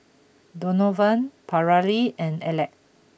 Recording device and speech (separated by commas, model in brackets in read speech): boundary microphone (BM630), read sentence